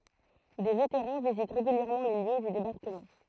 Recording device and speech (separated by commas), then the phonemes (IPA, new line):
throat microphone, read sentence
de veteʁɑ̃ vizit ʁeɡyljɛʁmɑ̃ le ljø dy debaʁkəmɑ̃